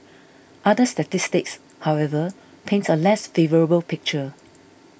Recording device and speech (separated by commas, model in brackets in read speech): boundary microphone (BM630), read sentence